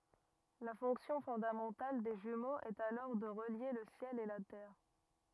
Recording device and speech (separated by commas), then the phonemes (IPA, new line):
rigid in-ear microphone, read sentence
la fɔ̃ksjɔ̃ fɔ̃damɑ̃tal de ʒymoz ɛt alɔʁ də ʁəlje lə sjɛl e la tɛʁ